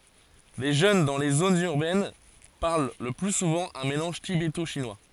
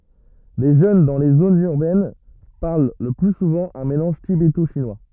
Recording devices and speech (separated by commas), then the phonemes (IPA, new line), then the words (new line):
forehead accelerometer, rigid in-ear microphone, read sentence
le ʒøn dɑ̃ le zonz yʁbɛn paʁl lə ply suvɑ̃ œ̃ melɑ̃ʒ tibeto ʃinwa
Les jeunes dans les zones urbaines parlent le plus souvent un mélange tibéto-chinois.